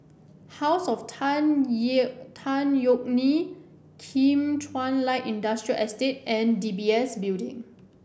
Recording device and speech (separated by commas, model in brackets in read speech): boundary microphone (BM630), read sentence